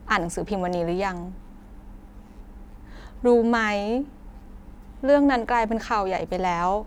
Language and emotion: Thai, sad